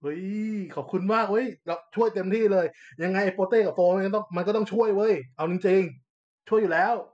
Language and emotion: Thai, happy